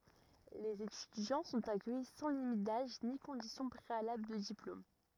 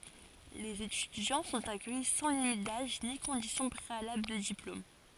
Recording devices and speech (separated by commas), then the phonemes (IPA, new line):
rigid in-ear microphone, forehead accelerometer, read sentence
lez etydjɑ̃ sɔ̃t akœji sɑ̃ limit daʒ ni kɔ̃disjɔ̃ pʁealabl də diplom